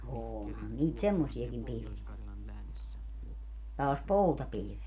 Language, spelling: Finnish, onhan niitä semmoisiakin pilviä taas poutapilvet
- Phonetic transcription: 'oonhan niit "semmosiakim 'pil(viä) , taas "poutapilⁱvet .

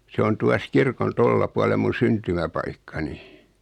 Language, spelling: Finnish, se on tuossa kirkon tuolla puolen minun syntymäpaikkani
- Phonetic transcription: 'se on 'tuas 'kirkon "tolia pualeᵐ mun̬ 'syntymäpaikkani .

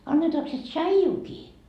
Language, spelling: Finnish, annetaanko se tsaijuakin
- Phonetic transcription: 'annetaak se "tšaijuuki ? »

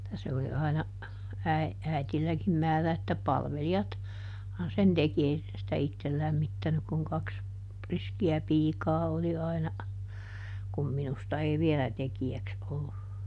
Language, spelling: Finnish, että se oli aina - äidilläkin määrä että - palvelijathan sen teki ei se sitä itse lämmittänyt kun kaksi riskiä piikaa oli aina kun minusta ei vielä tekijäksi ollut
- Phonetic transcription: [et]tä se oli ˈaina , äi- , ˈäitilläkim ˈmäärä että "palveli₍at , -han sen "teki ˈei se sitä "ittel ˈlämmittänyk kuŋ ˈkaks , ˈriski₍ä "piikaa oli aina , kum ˈminusta ei "vielä ˈteki₍äks ollu .

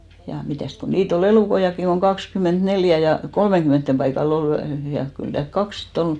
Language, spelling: Finnish, ja mitäs kun niitä oli elukoitakin kun kaksikymmentäneljä ja kolmenkymmenen paikalla oli ja kyllä täällä kaksi sitten oli
- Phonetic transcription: ja 'mitä̀st ku 'niit ‿o"l ‿elùkoiʲakkiŋ koŋ 'kakskymènt'neljä ja , 'kolmeŋɢymènttem 'paikal ‿ol ja , kyl täälk "kaks si't ‿ol .

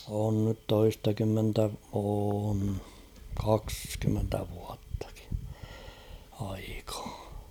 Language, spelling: Finnish, on nyt toistakymmentä on kaksikymmentä vuottakin aikaa
- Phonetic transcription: on nyt 'toistakymmentä , oon , 'kakskymmentä vuattᴀkɪ , aikᴀᴀ .

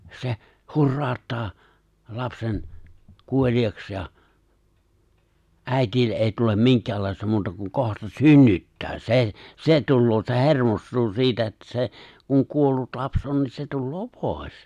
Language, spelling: Finnish, se hurauttaa lapsen kuoliaaksi ja äidille ei tule minkäänlaista muuta kuin kohta synnyttää se se tulee se hermostuu siitä että se kun kuollut lapsi on niin se tulee pois
- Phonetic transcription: 'se , 'hurraaᵒttaa , 'lapsen , 'kuoĺiaks ja , "’ä̀itille’ ’èi tulem "miŋk̀äällàista 'muuta kuŋ 'kohta "synnyttää , 'se , 'se 'tulloo se "he̬rmost̀uu siitä että se , kuŋ 'kuollut 'laps ’on niin se 'tulloo "pòes .

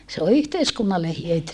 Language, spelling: Finnish, se on yhteiskunnalle hyöty
- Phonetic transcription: se o yhteiskunnalle hyöty .

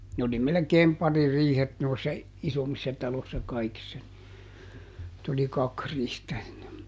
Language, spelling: Finnish, ne oli melkein paririihet noissa isommissa taloissa kaikissa niin että oli kaksi riihtä ennen
- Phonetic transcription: ne oli ˈmelekeem "paririihet noissa , "isommissa ˈtalossa ˈkaikissa ni , [et]t ‿oli "kak ˈrihtä ˈenne .

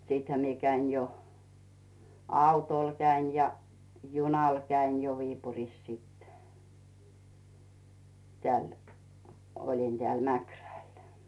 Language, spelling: Finnish, sittenhän minä kävin jo autolla kävin ja junalla kävin jo Viipurissa sitten täällä olin täällä Mäkrällä
- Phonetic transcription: siithä mie 'käin jo , 'àutòl käin ja , 'junàl käin jo 'Viipurìs sit , 'tᵉä̀l , oĺin Dᵉä̀l "Mäkrä̀l .

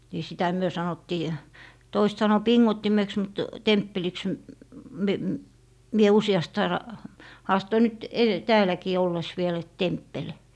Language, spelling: Finnish, niin sitä me sanottiin toiset sanoi pingottimeksi mutta temppeliksi - - minä useasti aina haastoin nyt - täälläkin ollessa vielä että temppeli
- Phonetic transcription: ni 'sitä "myö 'sanottii , 'toisᵉt sano "piŋŋottimeks mut "temppeliks m- , me- , mie 'usi₍ast aina , 'haastoi nyt ede- , 'tääläkii 'olles 'viel et "temppel .

